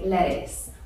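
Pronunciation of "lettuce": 'Lettuce' is said in American English, with the American T.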